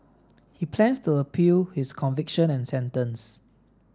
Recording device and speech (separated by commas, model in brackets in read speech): standing microphone (AKG C214), read sentence